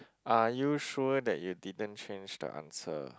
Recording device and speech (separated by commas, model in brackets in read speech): close-talking microphone, conversation in the same room